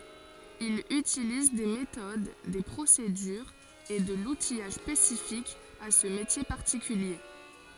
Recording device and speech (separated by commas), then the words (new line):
forehead accelerometer, read sentence
Il utilise des méthodes, des procédures et de l'outillage spécifique à ce métier particulier.